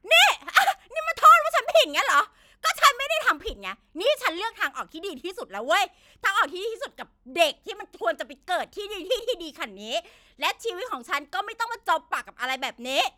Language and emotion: Thai, angry